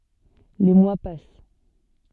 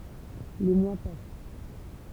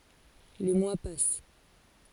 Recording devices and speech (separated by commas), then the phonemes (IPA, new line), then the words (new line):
soft in-ear microphone, temple vibration pickup, forehead accelerometer, read sentence
le mwa pas
Les mois passent.